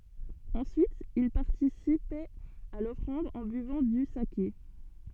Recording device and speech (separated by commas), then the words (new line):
soft in-ear microphone, read sentence
Ensuite, ils participaient à l’offrande en buvant du saké.